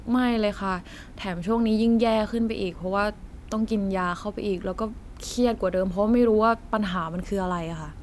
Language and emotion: Thai, frustrated